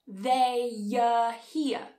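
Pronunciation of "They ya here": A y sound links 'they' to the next word, so it sounds like 'they ya here'.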